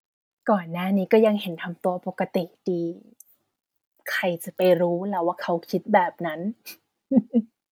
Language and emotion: Thai, happy